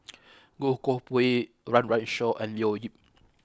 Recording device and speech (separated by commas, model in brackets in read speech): close-talking microphone (WH20), read sentence